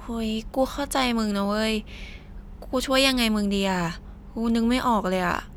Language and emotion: Thai, frustrated